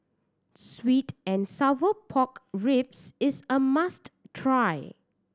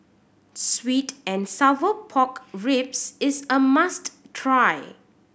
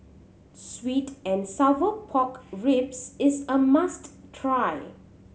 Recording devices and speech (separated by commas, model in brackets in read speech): standing microphone (AKG C214), boundary microphone (BM630), mobile phone (Samsung C7100), read sentence